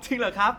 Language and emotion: Thai, happy